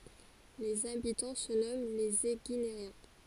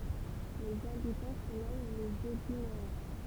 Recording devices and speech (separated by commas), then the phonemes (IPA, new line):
forehead accelerometer, temple vibration pickup, read sentence
lez abitɑ̃ sə nɔmɑ̃ lez eɡineʁjɛ̃